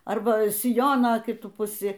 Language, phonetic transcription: Lithuanian, ˈarba siˈjono kiˈtu puˈsi

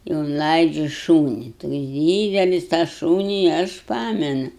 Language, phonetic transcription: Lithuanian, i unˈlaidžiu ˈšūni toks ˈdydelis tą ˈšūni aš ˈpamenu

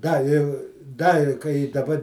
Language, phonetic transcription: Lithuanian, ˈda i ˈda i kai i daˈba

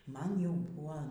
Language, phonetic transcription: Lithuanian, ˈman ˈjau ˈbua

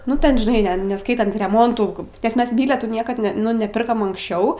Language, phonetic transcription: Lithuanian, ˈnu ten žiˈnai ˈne neˈskaitant reˈmontų nes ˈmes ˈbyletų ˈniekad ne ˈnu neˈpirkam anksˈčiau

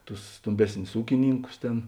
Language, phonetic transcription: Lithuanian, tus ˈstomˌbesnius ˈūkiˌnynkus ˈtėn

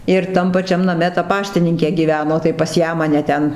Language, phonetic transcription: Lithuanian, ir ˈtam paˈčiam naˈme ta ˈpaštininkė ˈgyveno tai pas ˈją maˈne ˈten

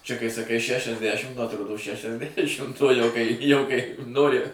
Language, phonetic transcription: Lithuanian, čia kai saˈkai šešiasˈdæšim nu atˈrodo šešiasˈdæšimt uo ˈjau kai ˈjau kai ˈnori

